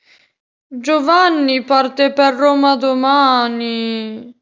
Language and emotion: Italian, sad